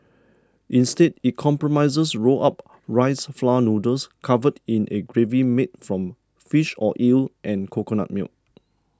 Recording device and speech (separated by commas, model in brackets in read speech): standing microphone (AKG C214), read sentence